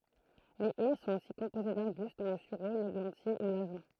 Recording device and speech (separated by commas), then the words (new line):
throat microphone, read sentence
Les haies sont aussi composées d’arbustes dont le sureau, l’églantier ou l’ajonc.